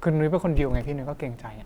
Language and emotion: Thai, neutral